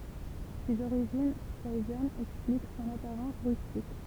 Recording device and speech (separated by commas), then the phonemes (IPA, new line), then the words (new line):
temple vibration pickup, read sentence
sez oʁiʒin pɛizanz ɛksplik sɔ̃n apaʁɑ̃s ʁystik
Ses origines paysannes expliquent son apparence rustique.